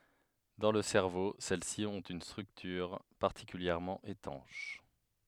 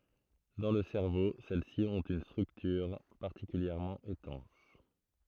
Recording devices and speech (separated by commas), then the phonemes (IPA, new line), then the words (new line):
headset microphone, throat microphone, read sentence
dɑ̃ lə sɛʁvo sɛl si ɔ̃t yn stʁyktyʁ paʁtikyljɛʁmɑ̃ etɑ̃ʃ
Dans le cerveau, celles-ci ont une structure particulièrement étanche.